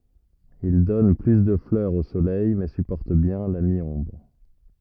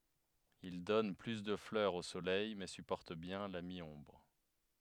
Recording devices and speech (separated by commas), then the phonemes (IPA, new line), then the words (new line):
rigid in-ear microphone, headset microphone, read sentence
il dɔn ply də flœʁz o solɛj mɛ sypɔʁt bjɛ̃ la mi ɔ̃bʁ
Il donne plus de fleurs au soleil mais supporte bien la mi-ombre.